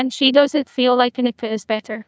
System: TTS, neural waveform model